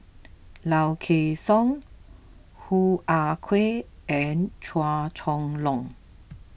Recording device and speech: boundary microphone (BM630), read sentence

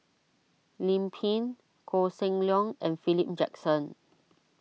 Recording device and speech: mobile phone (iPhone 6), read sentence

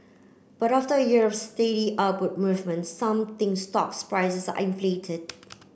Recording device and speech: boundary microphone (BM630), read sentence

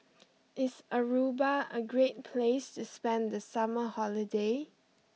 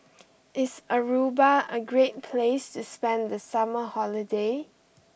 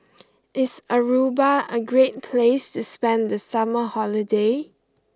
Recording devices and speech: mobile phone (iPhone 6), boundary microphone (BM630), close-talking microphone (WH20), read sentence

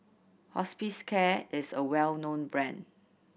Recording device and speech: boundary microphone (BM630), read sentence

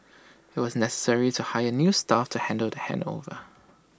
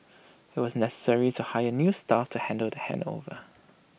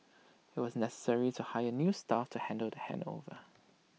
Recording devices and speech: standing microphone (AKG C214), boundary microphone (BM630), mobile phone (iPhone 6), read sentence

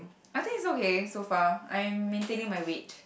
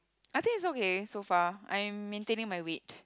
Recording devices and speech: boundary microphone, close-talking microphone, conversation in the same room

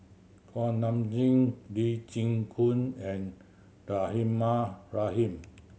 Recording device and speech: mobile phone (Samsung C7100), read sentence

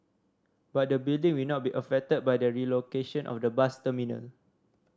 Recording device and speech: standing microphone (AKG C214), read sentence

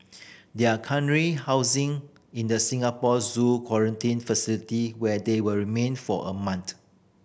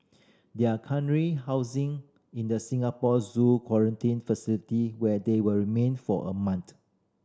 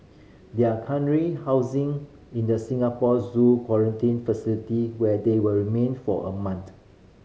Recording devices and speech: boundary microphone (BM630), standing microphone (AKG C214), mobile phone (Samsung C5010), read sentence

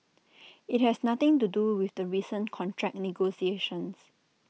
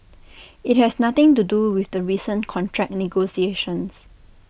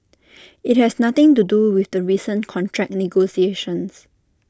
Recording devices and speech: mobile phone (iPhone 6), boundary microphone (BM630), standing microphone (AKG C214), read sentence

